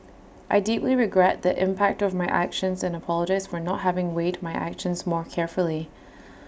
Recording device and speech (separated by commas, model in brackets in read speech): boundary microphone (BM630), read sentence